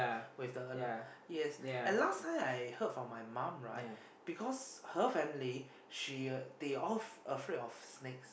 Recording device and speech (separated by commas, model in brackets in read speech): boundary microphone, conversation in the same room